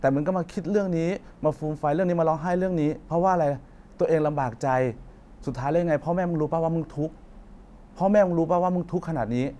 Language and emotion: Thai, frustrated